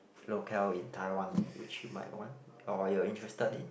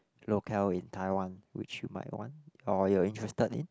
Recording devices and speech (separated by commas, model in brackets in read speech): boundary microphone, close-talking microphone, conversation in the same room